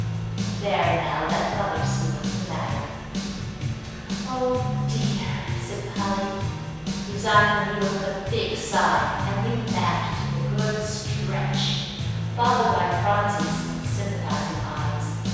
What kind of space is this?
A big, very reverberant room.